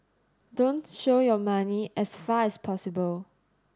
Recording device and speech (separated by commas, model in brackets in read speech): standing microphone (AKG C214), read sentence